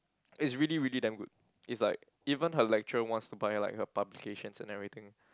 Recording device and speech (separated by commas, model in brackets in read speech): close-talking microphone, conversation in the same room